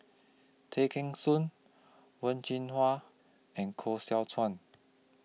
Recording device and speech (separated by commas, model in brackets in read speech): mobile phone (iPhone 6), read sentence